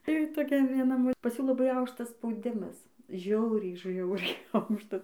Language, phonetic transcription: Lithuanian, tai toˈkia vieˈna ˈmo pas ˈjų laˈbai ˈaukštas spauˈdimas ˈžiauriai ˈžiauriai ˈaukštas

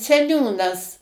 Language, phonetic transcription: Lithuanian, seˈniūnas

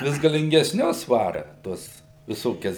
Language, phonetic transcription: Lithuanian, ˈvis galingesˈnius ˈvara ˈtuos viˈsokias

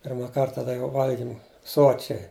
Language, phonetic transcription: Lithuanian, ˈpirma ˈkarta tai ˈjau ˈvalgim ˈsočiai

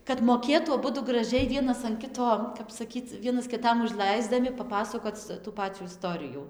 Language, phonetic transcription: Lithuanian, kad moˈkėtų aˈbudu graˈžiai ˈvienas an ˈkito kap saˈkyc ˈvienas kiˈtam užˈlaisdami paˈpasakoc tų ˈpacių iˈstorijų

